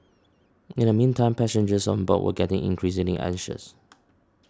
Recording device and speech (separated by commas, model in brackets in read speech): standing microphone (AKG C214), read sentence